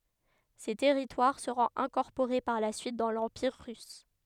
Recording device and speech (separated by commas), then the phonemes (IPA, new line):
headset microphone, read sentence
se tɛʁitwaʁ səʁɔ̃t ɛ̃kɔʁpoʁe paʁ la syit dɑ̃ lɑ̃piʁ ʁys